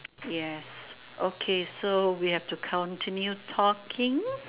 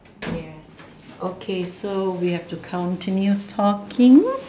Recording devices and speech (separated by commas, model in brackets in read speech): telephone, standing microphone, conversation in separate rooms